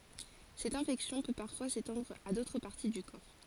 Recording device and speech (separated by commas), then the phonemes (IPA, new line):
forehead accelerometer, read sentence
sɛt ɛ̃fɛksjɔ̃ pø paʁfwa setɑ̃dʁ a dotʁ paʁti dy kɔʁ